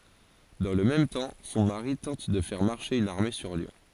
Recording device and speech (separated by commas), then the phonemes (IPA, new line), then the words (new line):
forehead accelerometer, read sentence
dɑ̃ lə mɛm tɑ̃ sɔ̃ maʁi tɑ̃t də fɛʁ maʁʃe yn aʁme syʁ ljɔ̃
Dans le même temps, son mari tente de faire marcher une armée sur Lyon.